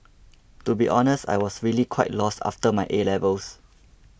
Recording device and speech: boundary microphone (BM630), read sentence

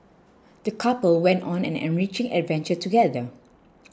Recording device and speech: close-talking microphone (WH20), read sentence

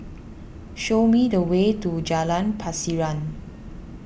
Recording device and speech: boundary microphone (BM630), read sentence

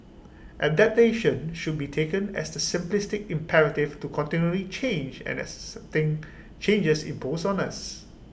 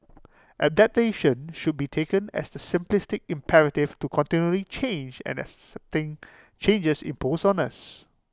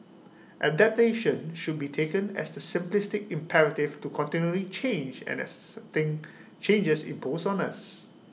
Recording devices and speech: boundary microphone (BM630), close-talking microphone (WH20), mobile phone (iPhone 6), read sentence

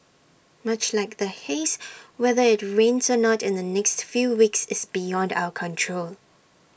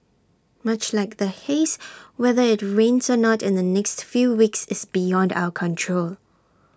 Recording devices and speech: boundary microphone (BM630), standing microphone (AKG C214), read sentence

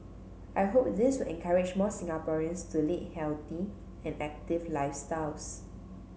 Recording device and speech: mobile phone (Samsung C7), read sentence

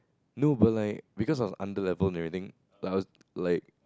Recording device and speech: close-talking microphone, conversation in the same room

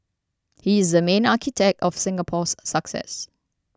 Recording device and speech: standing microphone (AKG C214), read sentence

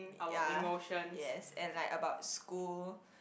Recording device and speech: boundary microphone, conversation in the same room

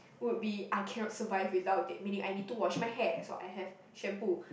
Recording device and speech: boundary microphone, conversation in the same room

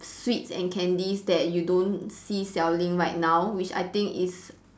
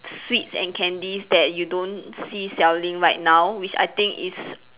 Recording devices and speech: standing microphone, telephone, conversation in separate rooms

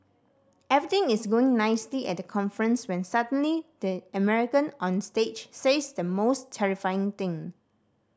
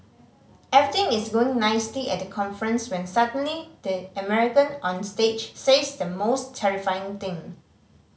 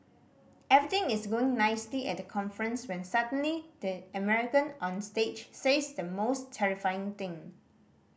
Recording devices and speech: standing microphone (AKG C214), mobile phone (Samsung C5010), boundary microphone (BM630), read sentence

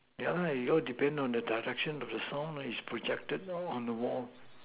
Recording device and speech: telephone, conversation in separate rooms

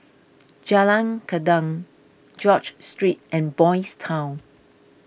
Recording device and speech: boundary microphone (BM630), read sentence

